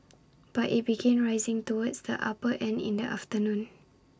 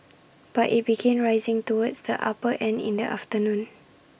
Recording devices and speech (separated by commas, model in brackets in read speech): standing microphone (AKG C214), boundary microphone (BM630), read sentence